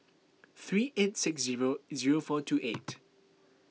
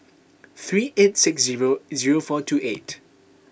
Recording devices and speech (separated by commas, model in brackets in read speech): mobile phone (iPhone 6), boundary microphone (BM630), read sentence